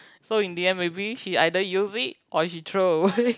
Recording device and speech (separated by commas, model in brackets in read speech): close-talking microphone, conversation in the same room